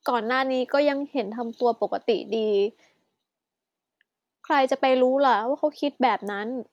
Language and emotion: Thai, frustrated